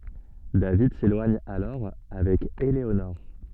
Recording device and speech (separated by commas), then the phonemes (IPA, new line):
soft in-ear microphone, read sentence
david selwaɲ alɔʁ avɛk eleonɔʁ